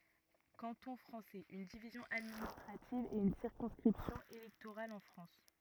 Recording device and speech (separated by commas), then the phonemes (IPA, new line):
rigid in-ear microphone, read sentence
kɑ̃tɔ̃ fʁɑ̃sɛz yn divizjɔ̃ administʁativ e yn siʁkɔ̃skʁipsjɔ̃ elɛktoʁal ɑ̃ fʁɑ̃s